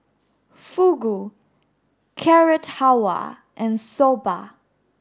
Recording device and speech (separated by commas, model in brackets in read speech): standing microphone (AKG C214), read sentence